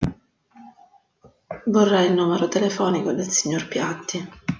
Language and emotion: Italian, sad